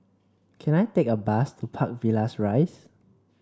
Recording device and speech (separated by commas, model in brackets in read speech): standing microphone (AKG C214), read sentence